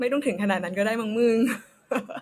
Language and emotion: Thai, happy